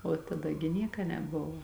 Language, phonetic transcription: Lithuanian, o taˈda gi ˈnieka neˈbuvo

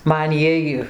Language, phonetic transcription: Lithuanian, ˈman ˈjiej

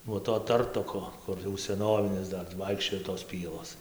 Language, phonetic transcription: Lithuanian, nuo to ˈtartoko ˈkur jau seˈnovinis ˈdar tai ˈvaikščioj tos ˈpielos

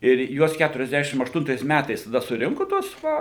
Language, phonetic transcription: Lithuanian, ir ˈjuos keturiasˈdešim ašˈtuntais ˈmætais taˈda suˈrinku tuos ˈva

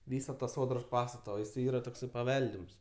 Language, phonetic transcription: Lithuanian, ˈvysa ta ˈsodros ˈpastata o jiˈsai ˈyra ˈtoksai paˈveldims

